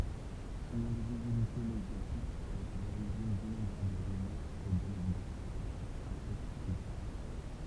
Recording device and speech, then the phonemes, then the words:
temple vibration pickup, read sentence
sɔ̃n ɛ̃vizibilite medjatik a ete a loʁiʒin dinɔ̃bʁabl ʁymœʁz e danɛkdotz apɔkʁif
Son invisibilité médiatique a été à l'origine d'innombrables rumeurs et d'anecdotes apocryphes.

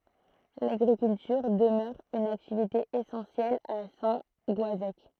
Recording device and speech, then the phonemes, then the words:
throat microphone, read sentence
laɡʁikyltyʁ dəmœʁ yn aktivite esɑ̃sjɛl a sɛ̃ ɡɔazɛk
L'agriculture demeure une activité essentielle à Saint-Goazec.

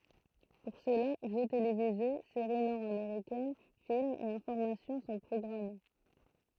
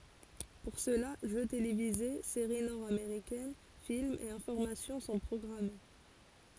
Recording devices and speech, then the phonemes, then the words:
throat microphone, forehead accelerometer, read sentence
puʁ səla ʒø televize seʁi nɔʁdameʁikɛn filmz e ɛ̃fɔʁmasjɔ̃ sɔ̃ pʁɔɡʁame
Pour cela, jeux télévisés, séries nord-américaines, films et informations sont programmés.

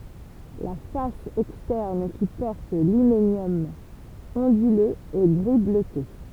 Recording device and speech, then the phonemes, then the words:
temple vibration pickup, read sentence
la fas ɛkstɛʁn ki pɔʁt limenjɔm ɔ̃dyløz ɛ ɡʁi bløte
La face externe qui porte l'hyménium onduleux est gris bleuté.

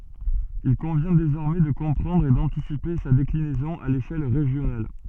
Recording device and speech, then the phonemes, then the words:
soft in-ear microphone, read sentence
il kɔ̃vjɛ̃ dezɔʁmɛ də kɔ̃pʁɑ̃dʁ e dɑ̃tisipe sa deklinɛzɔ̃ a leʃɛl ʁeʒjonal
Il convient désormais de comprendre et d’anticiper sa déclinaison à l’échelle régionale.

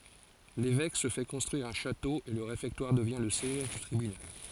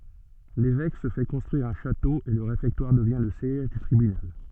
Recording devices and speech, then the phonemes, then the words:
forehead accelerometer, soft in-ear microphone, read sentence
levɛk sə fɛ kɔ̃stʁyiʁ œ̃ ʃato e lə ʁefɛktwaʁ dəvjɛ̃ lə sjɛʒ dy tʁibynal
L'évêque se fait construire un château et le réfectoire devient le siège du tribunal.

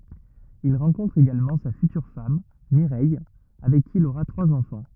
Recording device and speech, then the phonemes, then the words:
rigid in-ear microphone, read sentence
il ʁɑ̃kɔ̃tʁ eɡalmɑ̃ sa fytyʁ fam miʁɛj avɛk ki il oʁa tʁwaz ɑ̃fɑ̃
Il rencontre également sa future femme, Mireille, avec qui il aura trois enfants.

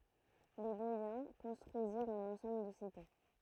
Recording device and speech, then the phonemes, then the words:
throat microphone, read sentence
le bɔjɛ̃ kɔ̃stʁyiziʁt œ̃n ɑ̃sɑ̃bl də site
Les Boïens construisirent un ensemble de cités.

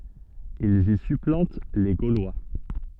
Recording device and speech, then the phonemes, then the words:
soft in-ear microphone, read sentence
ilz i syplɑ̃t le ɡolwa
Ils y supplantent les Gaulois.

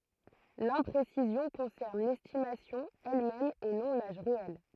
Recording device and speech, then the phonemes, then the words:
throat microphone, read sentence
lɛ̃pʁesizjɔ̃ kɔ̃sɛʁn lɛstimasjɔ̃ ɛlmɛm e nɔ̃ laʒ ʁeɛl
L'imprécision concerne l'estimation elle-même et non l'âge réel.

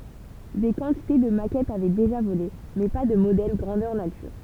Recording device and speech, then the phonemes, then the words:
temple vibration pickup, read sentence
de kɑ̃tite də makɛtz avɛ deʒa vole mɛ pa də modɛl ɡʁɑ̃dœʁ natyʁ
Des quantités de maquettes avaient déjà volé, mais pas de modèle grandeur nature.

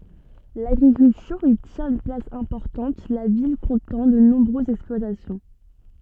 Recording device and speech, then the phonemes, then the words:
soft in-ear microphone, read sentence
laɡʁikyltyʁ i tjɛ̃t yn plas ɛ̃pɔʁtɑ̃t la vil kɔ̃tɑ̃ də nɔ̃bʁøzz ɛksplwatasjɔ̃
L'agriculture y tient une place importante, la ville comptant de nombreuses exploitations.

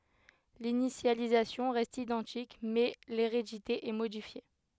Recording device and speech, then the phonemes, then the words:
headset microphone, read sentence
linisjalizasjɔ̃ ʁɛst idɑ̃tik mɛ leʁedite ɛ modifje
L'initialisation reste identique, mais l'hérédité est modifiée.

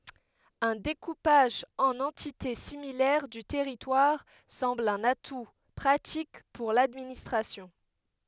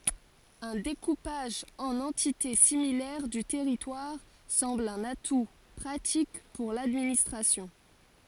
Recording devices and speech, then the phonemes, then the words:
headset microphone, forehead accelerometer, read sentence
œ̃ dekupaʒ ɑ̃n ɑ̃tite similɛʁ dy tɛʁitwaʁ sɑ̃bl œ̃n atu pʁatik puʁ ladministʁasjɔ̃
Un découpage en entités similaires du territoire semble un atout pratique pour l'administration.

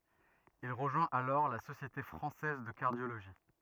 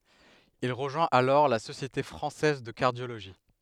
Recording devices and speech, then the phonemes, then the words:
rigid in-ear microphone, headset microphone, read sentence
il ʁəʒwɛ̃t alɔʁ la sosjete fʁɑ̃sɛz də kaʁdjoloʒi
Il rejoint alors la Société française de cardiologie.

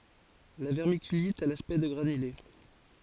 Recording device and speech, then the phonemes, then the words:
forehead accelerometer, read sentence
la vɛʁmikylit a laspɛkt də ɡʁanyle
La vermiculite a l’aspect de granulés.

